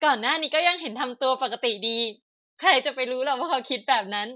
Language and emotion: Thai, happy